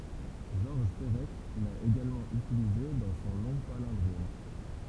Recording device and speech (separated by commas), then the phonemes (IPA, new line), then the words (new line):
temple vibration pickup, read sentence
ʒɔʁʒ pəʁɛk la eɡalmɑ̃ ytilize dɑ̃ sɔ̃ lɔ̃ palɛ̃dʁom
Georges Perec l'a également utilisé dans son long palindrome.